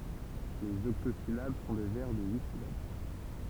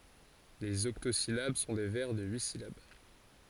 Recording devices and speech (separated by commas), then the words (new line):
temple vibration pickup, forehead accelerometer, read sentence
Les octosyllabes sont des vers de huit syllabes.